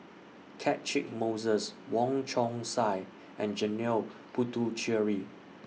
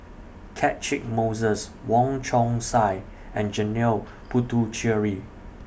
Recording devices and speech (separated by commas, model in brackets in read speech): mobile phone (iPhone 6), boundary microphone (BM630), read sentence